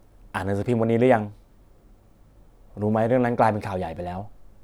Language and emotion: Thai, neutral